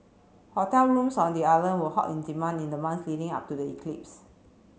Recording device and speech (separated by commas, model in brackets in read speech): mobile phone (Samsung C7), read sentence